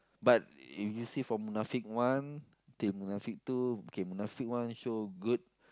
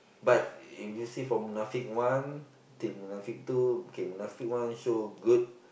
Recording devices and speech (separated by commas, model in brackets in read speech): close-talking microphone, boundary microphone, conversation in the same room